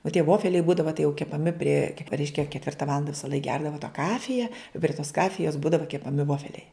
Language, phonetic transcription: Lithuanian, o tie ˈvofeliai ˈbūdava tai jau kepaˈmi prie ˈreiškia ketˈvirta ˈvalanda visaˈlaik ˈgerdava ta ˈkafija i pri tos ˈkafijos ˈbūdava kepaˈmi ˈvofeliai

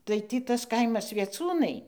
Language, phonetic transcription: Lithuanian, tai ˈtį ˈtas ˈkaimas vieˈcūnai

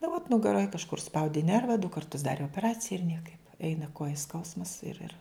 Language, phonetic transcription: Lithuanian, nu vot nugaˈroj kažˈkur užˈspaudi ˈnerva du karˈtus ˈdarė opeˈracija ir ˈniekaip ˈeina ˈkoja ˈskausmas ˈir ir

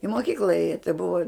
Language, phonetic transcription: Lithuanian, i moˈkykla ˈėja tai bua

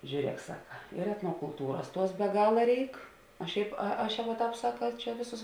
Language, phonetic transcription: Lithuanian, žiūˈriek ˈsaka ir etnokulˈtūras ˈtuos be ˈgala ˈreik o ˈšiaip a ˈaš ˈjau va ˈtāp ˈsaka ˈčia ˈvėˌsus

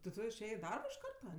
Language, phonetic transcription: Lithuanian, ti ˈtu išˈėjė i ˈdarbo iš ˈkarta

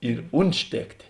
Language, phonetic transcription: Lithuanian, ir ˈuntˌštėktė

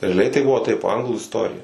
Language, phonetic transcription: Lithuanian, reaˈliai tai ˈbuvo taip ˈanglų isˈtorija

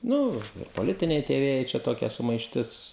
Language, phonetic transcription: Lithuanian, ˈnu ir poˈlitiniai tie ˈvėjai čia ˈtokia sumaišˈtis

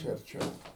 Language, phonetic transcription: Lithuanian, ˈčia arˈčiau

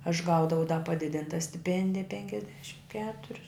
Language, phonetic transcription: Lithuanian, aš ˈgaudavau da paˈdidinta stiˈpendija penkiasˈdešim ˈketurius

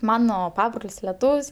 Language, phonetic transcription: Lithuanian, ˈmano ˈpabrol's' leˈtūv's'

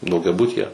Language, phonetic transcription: Lithuanian, daugiaˈbutyje

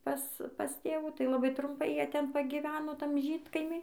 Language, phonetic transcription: Lithuanian, ˈpas pas ˈtėvų tai laˈbai trumˈpai ˈjie ˈten pagyˈveno ˈtam ˈžydkaimy

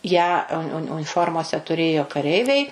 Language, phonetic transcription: Lithuanian, ˈją un un uniˈformose tuˈrėjo kaˈreiviai

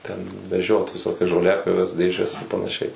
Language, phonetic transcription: Lithuanian, ˈten veˈžiot viˈsokias žoˈliapjoves ˈdėžes ir panaˈšiai

